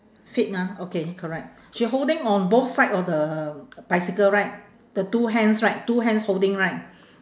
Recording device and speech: standing microphone, conversation in separate rooms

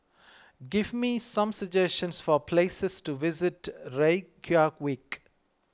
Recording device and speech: close-talking microphone (WH20), read sentence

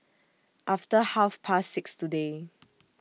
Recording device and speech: mobile phone (iPhone 6), read sentence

